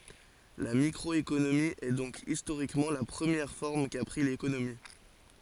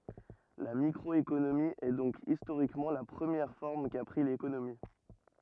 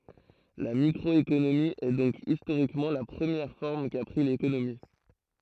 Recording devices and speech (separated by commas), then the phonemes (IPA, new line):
forehead accelerometer, rigid in-ear microphone, throat microphone, read sentence
la mikʁɔekonomi ɛ dɔ̃k istoʁikmɑ̃ la pʁəmjɛʁ fɔʁm ka pʁi lekonomi